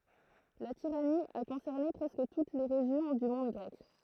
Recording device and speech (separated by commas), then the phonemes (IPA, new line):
throat microphone, read sentence
la tiʁani a kɔ̃sɛʁne pʁɛskə tut le ʁeʒjɔ̃ dy mɔ̃d ɡʁɛk